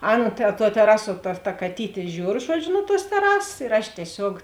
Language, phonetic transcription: Lithuanian, ˈaˌna ta tuo teˈrasuo ta ta kaˈtytė ˈžiūr ˈžuodžiu nu tuos teˈrasas ir aš tieˈsiog

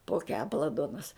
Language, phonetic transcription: Lithuanian, po ˈkepala ˈduonas

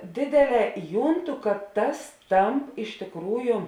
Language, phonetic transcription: Lithuanian, ˈdėdėˌlē ˈjūnˌtu kad tas ˈtamp iš tėkˈrųju

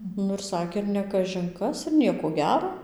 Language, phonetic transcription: Lithuanian, ˈnu ir ˈsakė ir ne kažin ˈkas ir ˈniekoˈ gero

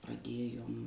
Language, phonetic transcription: Lithuanian, praˈdėjom

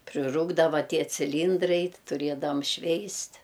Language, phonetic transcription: Lithuanian, priˈrūkdava ˈtie ciˈlyndrai ti tuˈriedavam ˈšveist'

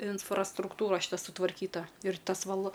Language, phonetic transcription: Lithuanian, infrastrukˈtūra šiˈta sutvarˈkyta ir ˈtas val

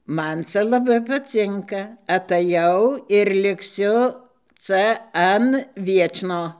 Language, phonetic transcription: Lithuanian, ˈman ˈca laˈbai paˈcinka ataˈjau ir likˈsiu ˈca ˈan ˈviečno

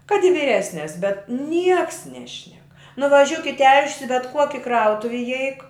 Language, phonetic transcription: Lithuanian, kad i vyˈresnes bet ˈnieks ˈnešnek nuvaˈžiuk i tel'š's' i bet ˈkuoki ˈkrautuv' iˈeik

